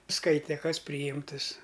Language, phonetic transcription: Lithuanian, ˈskaite ˈkas pryˈjimtɨs

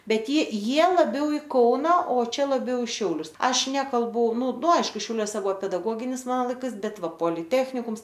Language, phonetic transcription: Lithuanian, ˈbet ji ˈjie laˈbiau i ˈkauna o ˈčia laˈbiau i ˈšiaulius ˈaš ˈnekalbu nu nu ˈaišku šiauˈliuose ˈbuvo pedaˈgoginis ˈmano laiˈkais ˈbet ˈva poliˈtechnikums

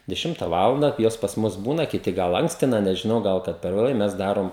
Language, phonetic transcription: Lithuanian, deˈšimta ˈvalanda ˈjos pas ˈmus ˈbūna kiˈti ˈgal ˈankstina nežiˈnau ˈgal kad per vėˈlai ˈmes ˈdarom

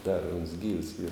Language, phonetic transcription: Lithuanian, dar uns gyvs yr

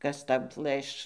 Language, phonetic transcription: Lithuanian, ˈkas ˈtau ˈplɘš

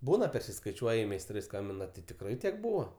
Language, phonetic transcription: Lithuanian, ˈbūna persiskaiˈčiuoji meisˈtrai ˈskambina ti tikˈrai ˈtiek ˈbūvo

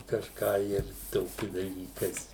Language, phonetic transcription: Lithuanian, kažˈką ir ˈtoki daˈlykais

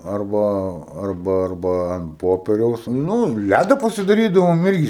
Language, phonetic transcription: Lithuanian, ˈarba ˈarba ˈarba an ˈpoperiaus ˈnū ˈlæda pasidaˈrydavom ˈirgi

